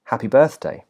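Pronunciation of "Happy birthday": In 'Happy birthday', 'ha' is stressed in 'happy' and 'birth' is stressed in 'birthday'. 'Birth' carries the main stress of the phrase and is its highest point of pitch.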